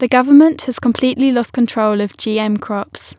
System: none